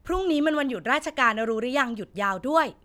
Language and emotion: Thai, neutral